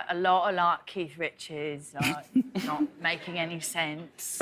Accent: british accent